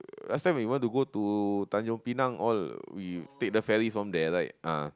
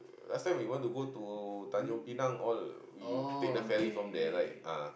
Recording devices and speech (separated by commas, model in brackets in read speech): close-talking microphone, boundary microphone, conversation in the same room